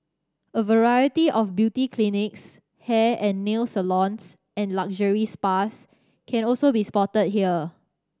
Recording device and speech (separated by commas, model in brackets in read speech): standing microphone (AKG C214), read sentence